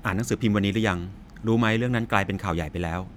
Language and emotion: Thai, neutral